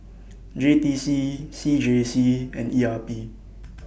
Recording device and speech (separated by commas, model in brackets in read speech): boundary microphone (BM630), read sentence